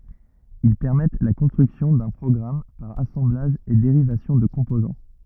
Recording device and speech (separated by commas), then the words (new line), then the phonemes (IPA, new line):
rigid in-ear microphone, read sentence
Ils permettent la construction d'un programme par assemblage et dérivation de composants.
il pɛʁmɛt la kɔ̃stʁyksjɔ̃ dœ̃ pʁɔɡʁam paʁ asɑ̃blaʒ e deʁivasjɔ̃ də kɔ̃pozɑ̃